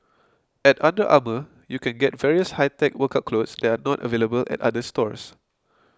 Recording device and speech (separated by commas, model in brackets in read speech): close-talking microphone (WH20), read sentence